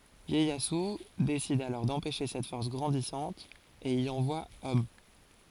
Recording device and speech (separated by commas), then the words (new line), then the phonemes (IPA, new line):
forehead accelerometer, read sentence
Ieyasu décide alors d'empêcher cette force grandissante, et y envoie hommes.
jɛjazy desid alɔʁ dɑ̃pɛʃe sɛt fɔʁs ɡʁɑ̃disɑ̃t e i ɑ̃vwa ɔm